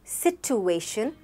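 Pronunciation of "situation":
'Situation' is pronounced incorrectly here.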